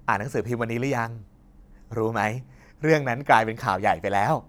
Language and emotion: Thai, neutral